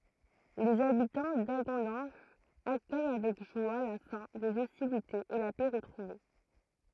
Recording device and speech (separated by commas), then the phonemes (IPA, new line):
throat microphone, read sentence
lez abitɑ̃ daɡɔ̃dɑ̃ʒ akœj avɛk ʒwa la fɛ̃ dez ɔstilitez e la pɛ ʁətʁuve